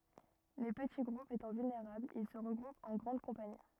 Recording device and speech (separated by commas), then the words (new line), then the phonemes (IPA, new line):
rigid in-ear microphone, read sentence
Les petits groupes étant vulnérables, ils se regroupent en grandes compagnies.
le pəti ɡʁupz etɑ̃ vylneʁablz il sə ʁəɡʁupt ɑ̃ ɡʁɑ̃d kɔ̃pani